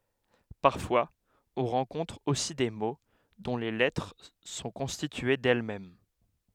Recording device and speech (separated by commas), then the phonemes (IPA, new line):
headset microphone, read sentence
paʁfwaz ɔ̃ ʁɑ̃kɔ̃tʁ osi de mo dɔ̃ le lɛtʁ sɔ̃ kɔ̃stitye dɛlmɛm